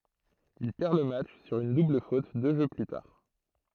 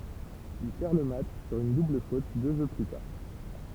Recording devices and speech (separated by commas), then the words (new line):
throat microphone, temple vibration pickup, read sentence
Il perd le match sur une double faute deux jeux plus tard.